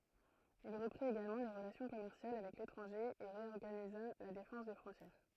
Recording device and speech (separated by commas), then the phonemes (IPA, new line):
throat microphone, read sentence
il ʁəpʁit eɡalmɑ̃ le ʁəlasjɔ̃ kɔmɛʁsjal avɛk letʁɑ̃ʒe e ʁeɔʁɡaniza la defɑ̃s de fʁɔ̃tjɛʁ